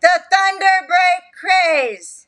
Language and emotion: English, sad